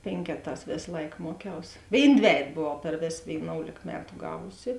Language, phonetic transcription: Lithuanian, ˈpėnkeˌtās ˈvės ˈlaik ˈmuoˌkiaus ˈvėin ˈdvejet ˈbovau per ˈvės vėiˈnoulėk ˈmetu ˈgavusi

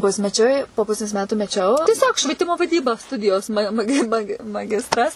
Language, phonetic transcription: Lithuanian, ˈpusmeˌčiui po ˈpusės ˈmetu meˈčiau tieˈsiog švieˈtimo vaˈdyba ˈstudijos ma maˈgi ˈmagi maˈgistras

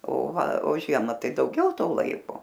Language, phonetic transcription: Lithuanian, o ˈva o ˈžiema ˈtai dauˈgiau ˈto ˈlaiko

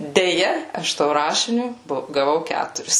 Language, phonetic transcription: Lithuanian, deˈja ˈaš to ˈrašiniu ˈbo gaˈvau ˈkæturis

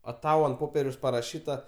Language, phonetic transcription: Lithuanian, a ˈtau ant ˈpopieriaus paraˈšyta

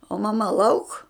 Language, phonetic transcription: Lithuanian, o maˈma lauk

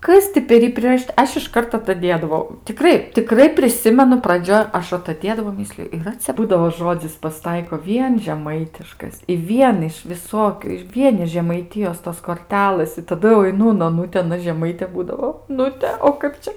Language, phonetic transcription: Lithuanian, ˈkas ti per ˈjį priraˈšyta ˈaš išˈkart ataˈdėdavau tiˈkrai tiˈkrai priˈsimenu praˈdžioj ˈaš ataˈdėdavau ˈmisliju yˈra cia ˈbūdavo ˈžodzis pasiˈtaiko ˈvien žeˈmaitiškas i ˈvien iš viˈsokiu ir ˈvien iš žemaiˈtijos tos korˈtelɘs i taˈdu jau aiˈnu un oˈnuti aˈna žeˈmaitė ˈbūdavo oˈnute o ˈkap čia

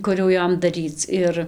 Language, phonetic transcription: Lithuanian, ˈkur jau ˈjom daˈryc ˈir

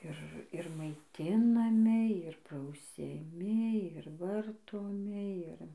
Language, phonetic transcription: Lithuanian, ˈir ir maiˈtinami ir prausiaˈmi ir ˈvartomi ˈir

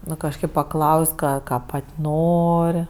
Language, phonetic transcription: Lithuanian, ˈnu kažˈkaip paˈklaus' ˈką ˈką ˈpat' ˈnor'

